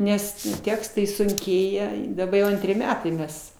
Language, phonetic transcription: Lithuanian, ˈnes ˈtekstai sunˈkėja i daˈba jau ˈantri ˈmetai ˈmes

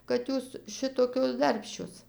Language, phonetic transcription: Lithuanian, kad ˈjūs ˈšitokios ˈdarbščios

